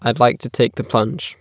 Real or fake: real